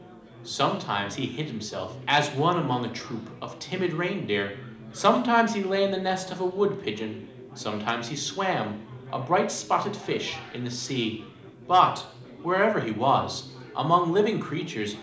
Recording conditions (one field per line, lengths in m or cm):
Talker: one person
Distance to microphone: 2.0 m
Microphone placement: close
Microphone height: 99 cm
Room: medium-sized (5.7 m by 4.0 m)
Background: babble